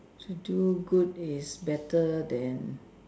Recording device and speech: standing microphone, conversation in separate rooms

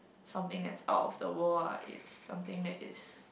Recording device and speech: boundary microphone, conversation in the same room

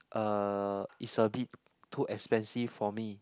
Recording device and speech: close-talking microphone, conversation in the same room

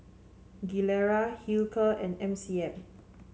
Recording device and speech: mobile phone (Samsung C7), read sentence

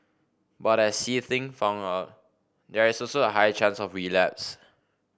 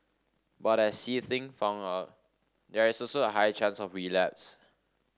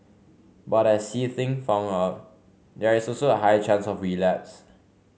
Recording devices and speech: boundary microphone (BM630), standing microphone (AKG C214), mobile phone (Samsung C5), read sentence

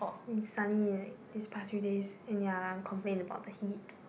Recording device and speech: boundary microphone, conversation in the same room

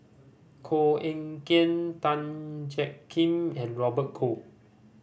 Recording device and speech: boundary microphone (BM630), read sentence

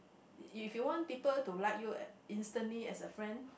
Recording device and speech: boundary microphone, conversation in the same room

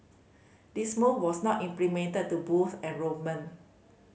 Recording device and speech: mobile phone (Samsung C5010), read sentence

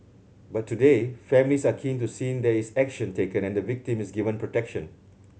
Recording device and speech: mobile phone (Samsung C7100), read sentence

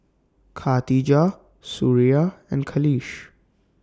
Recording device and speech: standing microphone (AKG C214), read sentence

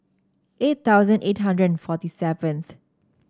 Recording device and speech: standing microphone (AKG C214), read sentence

